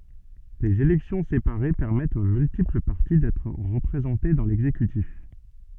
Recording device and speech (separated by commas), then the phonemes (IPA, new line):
soft in-ear microphone, read sentence
lez elɛksjɔ̃ sepaʁe pɛʁmɛtt o myltipl paʁti dɛtʁ ʁəpʁezɑ̃te dɑ̃ lɛɡzekytif